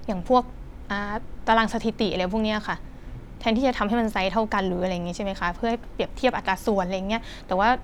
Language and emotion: Thai, neutral